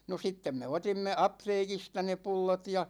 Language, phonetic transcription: Finnish, no 'sittem me "otimme 'apteekista ne 'pullot ja ,.
- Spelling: no sitten me otimme apteekista ne pullot ja

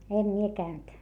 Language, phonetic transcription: Finnish, em mie käynt .
- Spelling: en minä käynyt

